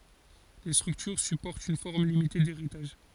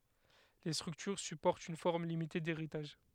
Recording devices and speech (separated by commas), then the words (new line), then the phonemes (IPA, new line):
forehead accelerometer, headset microphone, read sentence
Les structures supportent une forme limitée d'héritage.
le stʁyktyʁ sypɔʁtt yn fɔʁm limite deʁitaʒ